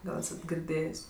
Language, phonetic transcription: Lithuanian, ˈgal ˈesat girˈdėjės'

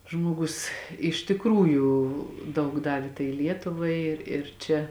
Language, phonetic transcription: Lithuanian, ˈžmuogus iš tikˈrųjų ˈdaug ˈdavė tai ˈlietuvai ir ir ˈčia

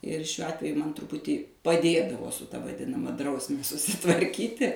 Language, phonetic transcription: Lithuanian, ir šiuo ˈatveju ˈman truˈputį paˈdėdavo su ta vaˈdinama ˈdrausme susitvarˈkyti

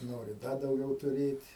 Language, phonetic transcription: Lithuanian, ˈnori ˈda dauˈgiau tuˈrėt'

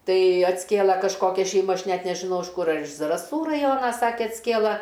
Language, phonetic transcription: Lithuanian, ˈtai atsˈkėla kažˈkokia šeiˈma ˈaš ˈnet nežiˈnau iš ˈkur ar iš zaraˈsų raˈjona ˈsake atsˈkėla

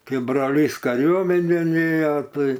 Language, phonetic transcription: Lithuanian, ˈkai broˈlys kaˈriuomenėn ˈėjo ˈtai

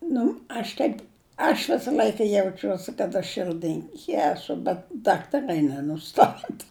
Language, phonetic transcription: Lithuanian, ˈnu aš ˈteip aš ˈvisa ˈl'aika jauˈčiuosi kad aš ˈšɨrdɨnki ˈesu bet ˈdaktaˈrai nenuˈstata

